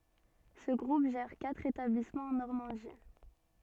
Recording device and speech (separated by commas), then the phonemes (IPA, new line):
soft in-ear microphone, read sentence
sə ɡʁup ʒɛʁ katʁ etablismɑ̃z ɑ̃ nɔʁmɑ̃di